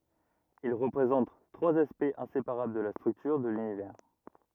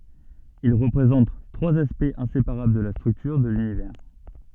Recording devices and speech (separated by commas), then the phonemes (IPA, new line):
rigid in-ear microphone, soft in-ear microphone, read sentence
il ʁəpʁezɑ̃t tʁwaz aspɛktz ɛ̃sepaʁabl də la stʁyktyʁ də lynivɛʁ